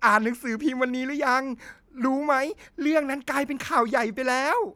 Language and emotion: Thai, happy